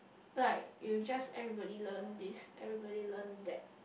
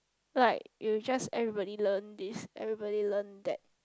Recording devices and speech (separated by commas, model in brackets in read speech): boundary microphone, close-talking microphone, conversation in the same room